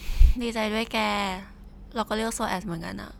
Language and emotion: Thai, neutral